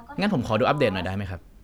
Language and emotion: Thai, neutral